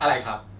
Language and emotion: Thai, frustrated